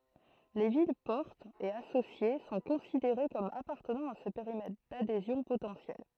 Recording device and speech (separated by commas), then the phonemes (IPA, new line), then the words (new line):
throat microphone, read sentence
le vilɛspɔʁtz e asosje sɔ̃ kɔ̃sideʁe kɔm apaʁtənɑ̃ a sə peʁimɛtʁ dadezjɔ̃ potɑ̃sjɛl
Les villes-portes et associées sont considérées comme appartenant à ce périmètre d'adhésions potentielles.